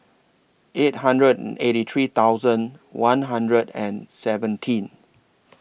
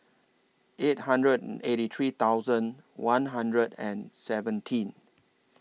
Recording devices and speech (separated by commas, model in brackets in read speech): boundary microphone (BM630), mobile phone (iPhone 6), read sentence